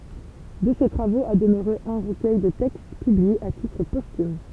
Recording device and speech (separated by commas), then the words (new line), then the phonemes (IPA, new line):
temple vibration pickup, read sentence
De ces travaux a demeuré un recueil de textes, publié à titre posthume.
də se tʁavoz a dəmøʁe œ̃ ʁəkœj də tɛkst pyblie a titʁ postym